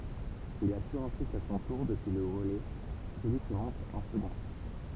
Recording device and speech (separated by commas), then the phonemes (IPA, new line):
temple vibration pickup, read sentence
il asyʁ ɑ̃syit a sɔ̃ tuʁ dəpyi lə ʁəlɛ səlyi ki mɔ̃t ɑ̃ səɡɔ̃